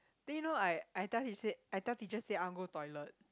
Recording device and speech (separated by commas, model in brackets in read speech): close-talking microphone, conversation in the same room